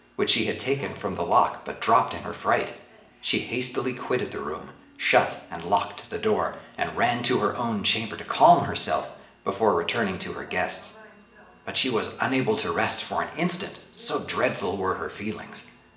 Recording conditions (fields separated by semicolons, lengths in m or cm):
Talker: one person; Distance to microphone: 1.8 m; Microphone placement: close; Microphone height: 1.0 m; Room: large; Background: television